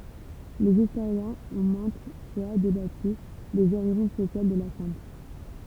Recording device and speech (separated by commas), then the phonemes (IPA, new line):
temple vibration pickup, read sentence
lez istoʁjɛ̃z ɔ̃ mɛ̃t fwa debaty dez oʁiʒin sosjal də la sɛ̃t